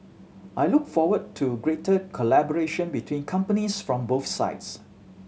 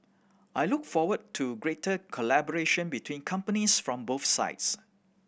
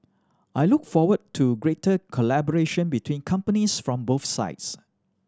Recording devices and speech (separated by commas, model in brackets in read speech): mobile phone (Samsung C7100), boundary microphone (BM630), standing microphone (AKG C214), read sentence